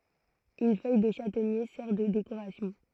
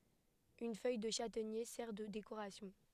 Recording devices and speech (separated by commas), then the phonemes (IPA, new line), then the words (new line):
throat microphone, headset microphone, read sentence
yn fœj də ʃatɛɲe sɛʁ də dekoʁasjɔ̃
Une feuille de châtaignier sert de décoration.